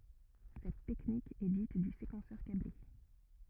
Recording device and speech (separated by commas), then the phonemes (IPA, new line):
rigid in-ear microphone, read sentence
sɛt tɛknik ɛ dit dy sekɑ̃sœʁ kable